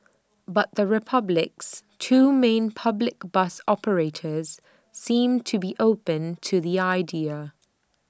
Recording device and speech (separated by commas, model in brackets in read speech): standing microphone (AKG C214), read sentence